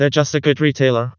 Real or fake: fake